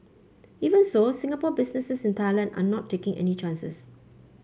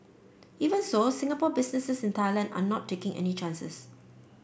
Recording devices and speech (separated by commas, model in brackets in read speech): mobile phone (Samsung C5), boundary microphone (BM630), read sentence